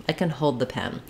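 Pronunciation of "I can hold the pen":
In 'I can hold the pen', the stress falls on 'hold', which is the long, stretched word.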